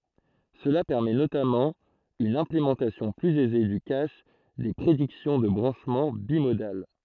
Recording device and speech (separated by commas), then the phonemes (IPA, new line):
throat microphone, read sentence
səla pɛʁmɛ notamɑ̃ yn ɛ̃plemɑ̃tasjɔ̃ plyz ɛze dy kaʃ de pʁediksjɔ̃ də bʁɑ̃ʃmɑ̃ bimodal